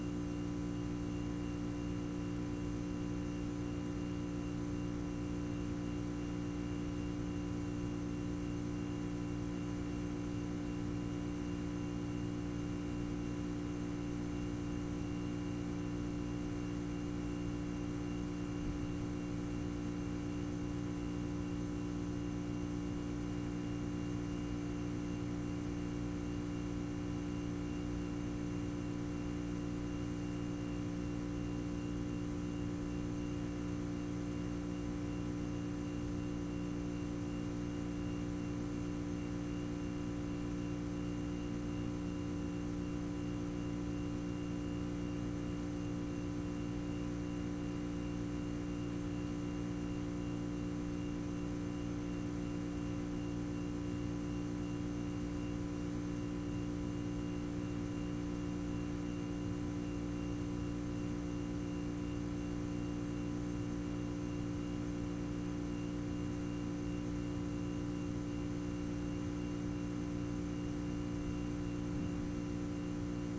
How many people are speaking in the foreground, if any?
No one.